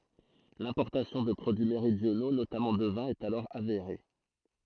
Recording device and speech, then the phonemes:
throat microphone, read sentence
lɛ̃pɔʁtasjɔ̃ də pʁodyi meʁidjono notamɑ̃ də vɛ̃ ɛt alɔʁ aveʁe

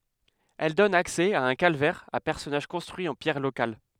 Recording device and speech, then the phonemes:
headset microphone, read sentence
ɛl dɔn aksɛ a œ̃ kalvɛʁ a pɛʁsɔnaʒ kɔ̃stʁyi ɑ̃ pjɛʁ lokal

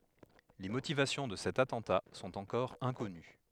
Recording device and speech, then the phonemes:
headset microphone, read sentence
le motivasjɔ̃ də sɛt atɑ̃ta sɔ̃t ɑ̃kɔʁ ɛ̃kɔny

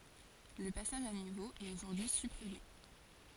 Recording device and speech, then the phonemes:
forehead accelerometer, read sentence
lə pasaʒ a nivo ɛt oʒuʁdyi sypʁime

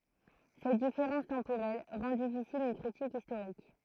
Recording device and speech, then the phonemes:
throat microphone, read sentence
sɛt difeʁɑ̃s tɑ̃poʁɛl ʁɑ̃ difisil yn kʁitik istoʁik

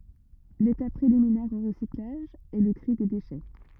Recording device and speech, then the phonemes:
rigid in-ear microphone, read sentence
letap pʁeliminɛʁ o ʁəsiklaʒ ɛ lə tʁi de deʃɛ

